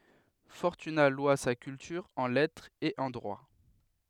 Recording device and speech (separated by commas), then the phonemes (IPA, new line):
headset microphone, read sentence
fɔʁtyna lwa sa kyltyʁ ɑ̃ lɛtʁ e ɑ̃ dʁwa